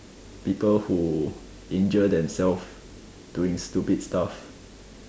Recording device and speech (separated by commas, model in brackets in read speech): standing microphone, conversation in separate rooms